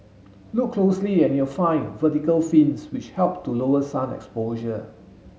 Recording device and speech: mobile phone (Samsung S8), read sentence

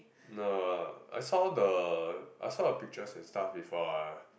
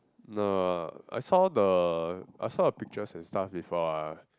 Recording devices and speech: boundary microphone, close-talking microphone, conversation in the same room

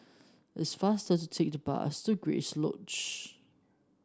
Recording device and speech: standing microphone (AKG C214), read sentence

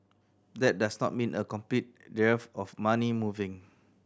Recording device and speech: standing microphone (AKG C214), read sentence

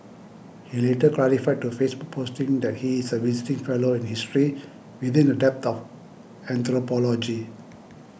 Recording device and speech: boundary microphone (BM630), read sentence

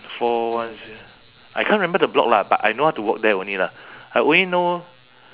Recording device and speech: telephone, conversation in separate rooms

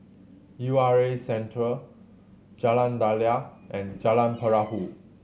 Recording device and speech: mobile phone (Samsung C7100), read sentence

